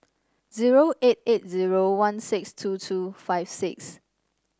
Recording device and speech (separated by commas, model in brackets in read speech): standing microphone (AKG C214), read sentence